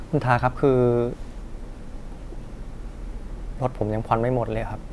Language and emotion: Thai, frustrated